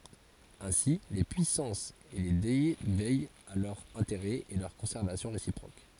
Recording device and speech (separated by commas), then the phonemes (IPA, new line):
forehead accelerometer, read sentence
ɛ̃si le pyisɑ̃sz e le dɛ vɛjt a lœʁz ɛ̃teʁɛz e lœʁ kɔ̃sɛʁvasjɔ̃ ʁesipʁok